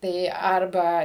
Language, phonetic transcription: Lithuanian, ˈtai ˈarba

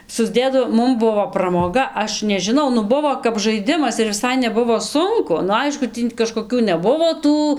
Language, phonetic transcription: Lithuanian, susˈdėdavom ˈmum ˈbuvo ˈpramoga ˈaš nežiˈnau ˈnu ˈbuvo kap žaiˈdimas ir viˈsai neˈbuvo ˈsunku nu ˈaišku ˈtį kažkoˈkių neˈbuvo ˈtų

